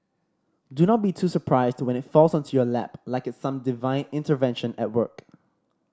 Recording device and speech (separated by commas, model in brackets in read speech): standing microphone (AKG C214), read sentence